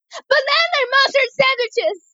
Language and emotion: English, fearful